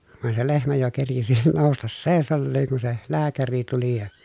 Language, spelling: Finnish, vaan se lehmä jo kerkisi nousta seisaalleen kun se lääkäri tuli ja
- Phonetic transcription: vàen se lehmä jo kerkisi nòustas sèi̮salleeŋ kun̬ se , lääkäri tuli ja .

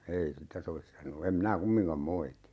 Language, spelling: Finnish, ei sitä sovi sanoa en minä kumminkaan moiti
- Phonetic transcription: 'ei "sitä 'sovis 'sanoo em 'minä "kummiŋkam 'moiti .

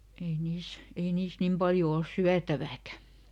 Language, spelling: Finnish, ei niissä ei niissä niin paljon ole syötävääkään
- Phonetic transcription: ei ˈniis , ei ˈniis "nim ˈpaljo ols "syätävääkä .

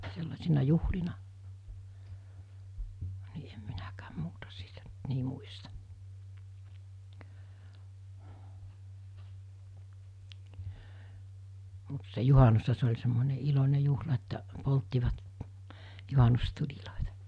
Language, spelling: Finnish, sellaisina juhlina niin en minäkään muuta siitä nyt niin muista mutta se juhannushan se oli semmoinen iloinen juhla että polttivat juhannustulia
- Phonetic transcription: sellasina 'juhlina , ni em 'minäkääm 'muuta siitä ‿nt 'ni muistᴀ , mut se 'juhanusha se oĺ semmone 'ilon̜e 'juhla että’ , 'polttivat , 'juhanustuĺilòita .

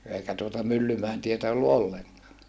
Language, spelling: Finnish, eikä tuota Myllymäen tietä ollut ollenkaan
- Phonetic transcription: eikä tuota Myllymäen tietä ollu olleŋkaa .

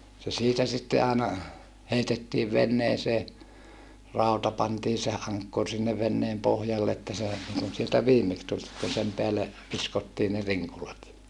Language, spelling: Finnish, se siitä sitten aina heitettiin veneeseen rauta pantiin se ankkuri sinne veneen pohjalle että se niin kuin sieltä viimeksi tuli kun sen päälle viskottiin ne rinkulat
- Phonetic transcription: se siitä sitte aana , heitettiiv venneesee , ràuta pantii se aŋkkur sinne venneem pohjall ‿että se , (niŋkun) sieltä viimeks tul , kun sem peälle , viskottii ne riŋkulat .

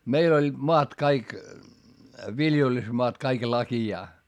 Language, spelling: Finnish, meillä olivat maat kaikki viljelysmaat kaikki lakeaa
- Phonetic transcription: meil ‿oĺĺiD moat kaik , viljelysmoat kaik lakijaa .

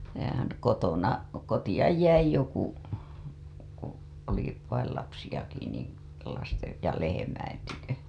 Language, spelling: Finnish, ja kotona kotia jäi joku kun oli vain lapsiakin niin lasten ja lehmien tykö
- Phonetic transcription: ja kotona , "kotiʲaj 'jäi joku , ku , oli , vail lapsijaki ni , lastej ja lehemäin tykö .

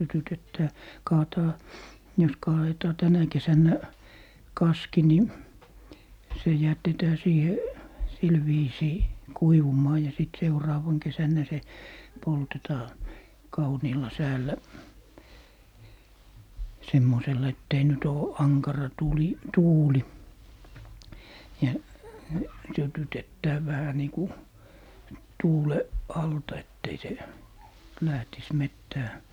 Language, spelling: Finnish, sytytetään kaadetaan jos kaadetaan tänä kesänä kaski niin se jätetään siihen sillä viisiin kuivumaan ja sitten seuraavana kesänä se poltetaan kauniilla säällä semmoisella että ei nyt ole ankara tuuli tuuli ja sytytetään vähän niin kun tuulen alta että ei se lähtisi metsään
- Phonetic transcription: 'sytytettää , "kaataa , jos 'kaa₍etaa "tänä 'kesännä , "kaski ni , se 'jätetää 'siihe , 'sil viisii , "kuivum̀aa ja sit 'seuraavaŋ 'kesännä se , "poltetaa , 'kauniilla 'säällä , 'semmosella ett ‿ei 'nyt ‿oo , "aŋkara 'tùli , "tuuli , ja 'sytytettää 'vähä nii ku , "tuule , "alta ett ‿ei se , 'lähtis "mettää .

